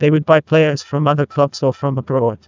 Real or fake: fake